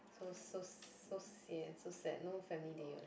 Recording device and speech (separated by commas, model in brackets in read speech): boundary microphone, conversation in the same room